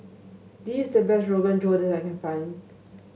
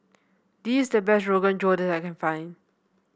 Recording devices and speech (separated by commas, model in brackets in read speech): mobile phone (Samsung S8), boundary microphone (BM630), read sentence